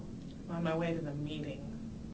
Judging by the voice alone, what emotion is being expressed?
disgusted